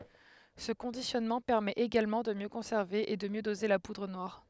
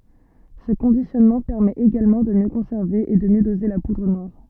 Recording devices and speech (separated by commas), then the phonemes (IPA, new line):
headset microphone, soft in-ear microphone, read sentence
sə kɔ̃disjɔnmɑ̃ pɛʁmɛt eɡalmɑ̃ də mjø kɔ̃sɛʁve e də mjø doze la pudʁ nwaʁ